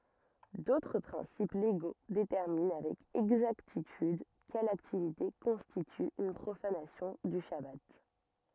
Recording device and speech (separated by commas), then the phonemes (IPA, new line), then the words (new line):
rigid in-ear microphone, read sentence
dotʁ pʁɛ̃sip leɡo detɛʁmin avɛk ɛɡzaktityd kɛl aktivite kɔ̃stity yn pʁofanasjɔ̃ dy ʃaba
D'autres principes légaux déterminent avec exactitude quelle activité constitue une profanation du chabbat.